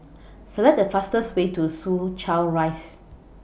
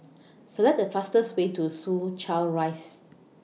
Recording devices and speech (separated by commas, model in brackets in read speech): boundary microphone (BM630), mobile phone (iPhone 6), read sentence